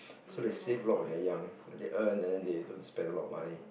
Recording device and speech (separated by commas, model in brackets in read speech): boundary microphone, conversation in the same room